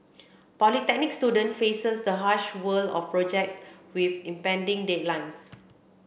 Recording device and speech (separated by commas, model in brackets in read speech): boundary microphone (BM630), read sentence